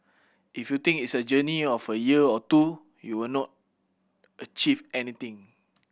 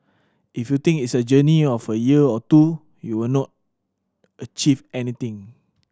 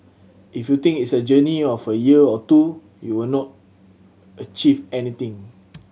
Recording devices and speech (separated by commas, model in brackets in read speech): boundary microphone (BM630), standing microphone (AKG C214), mobile phone (Samsung C7100), read sentence